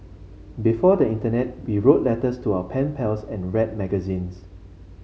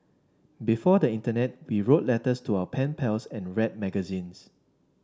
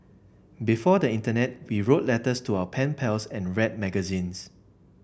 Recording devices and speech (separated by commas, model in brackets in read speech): mobile phone (Samsung C5), standing microphone (AKG C214), boundary microphone (BM630), read sentence